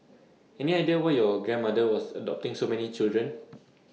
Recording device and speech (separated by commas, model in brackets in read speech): mobile phone (iPhone 6), read sentence